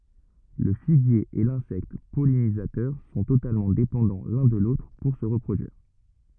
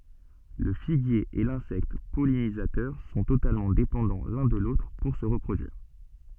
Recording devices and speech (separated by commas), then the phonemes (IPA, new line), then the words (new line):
rigid in-ear microphone, soft in-ear microphone, read sentence
lə fiɡje e lɛ̃sɛkt pɔlinizatœʁ sɔ̃ totalmɑ̃ depɑ̃dɑ̃ lœ̃ də lotʁ puʁ sə ʁəpʁodyiʁ
Le figuier et l'insecte pollinisateur sont totalement dépendants l'un de l'autre pour se reproduire.